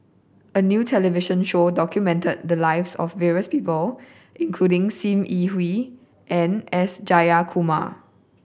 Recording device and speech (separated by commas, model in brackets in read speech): boundary microphone (BM630), read sentence